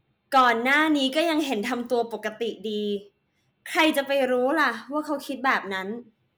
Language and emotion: Thai, neutral